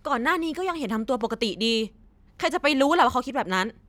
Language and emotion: Thai, angry